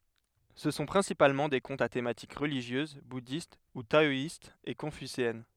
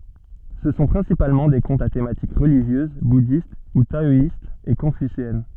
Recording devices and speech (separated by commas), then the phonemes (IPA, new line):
headset microphone, soft in-ear microphone, read sentence
sə sɔ̃ pʁɛ̃sipalmɑ̃ de kɔ̃tz a tematik ʁəliʒjøz budist u taɔist e kɔ̃fyseɛn